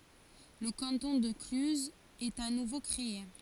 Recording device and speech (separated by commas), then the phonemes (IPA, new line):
forehead accelerometer, read sentence
lə kɑ̃tɔ̃ də klyzz ɛt a nuvo kʁee